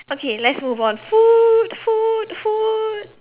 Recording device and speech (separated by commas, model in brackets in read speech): telephone, conversation in separate rooms